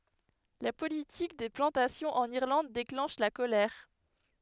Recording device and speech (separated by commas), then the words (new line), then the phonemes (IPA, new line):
headset microphone, read sentence
La politique des plantations en Irlande déclenche la colère.
la politik de plɑ̃tasjɔ̃z ɑ̃n iʁlɑ̃d deklɑ̃ʃ la kolɛʁ